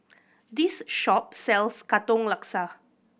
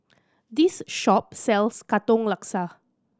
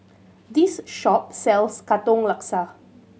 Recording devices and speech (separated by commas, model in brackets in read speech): boundary microphone (BM630), standing microphone (AKG C214), mobile phone (Samsung C7100), read sentence